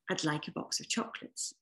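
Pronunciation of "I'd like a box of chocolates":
'I'd' sounds like 'ad' and is connected to 'like', with no emphasis on the d. The emphasis goes onto the l of 'like'.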